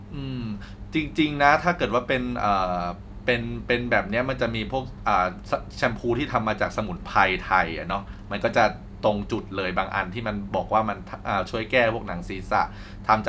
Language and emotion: Thai, neutral